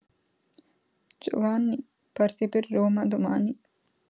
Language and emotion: Italian, sad